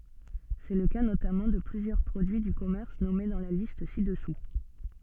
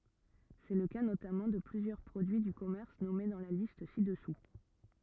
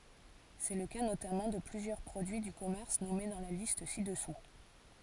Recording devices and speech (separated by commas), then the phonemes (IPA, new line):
soft in-ear microphone, rigid in-ear microphone, forehead accelerometer, read sentence
sɛ lə ka notamɑ̃ də plyzjœʁ pʁodyi dy kɔmɛʁs nɔme dɑ̃ la list si dəsu